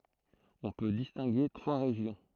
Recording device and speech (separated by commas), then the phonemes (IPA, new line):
throat microphone, read sentence
ɔ̃ pø distɛ̃ɡe tʁwa ʁeʒjɔ̃